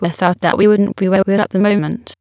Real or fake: fake